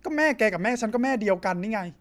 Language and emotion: Thai, frustrated